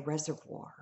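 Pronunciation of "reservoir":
'Reservoir' is said here with the R silent. This is a correct pronunciation.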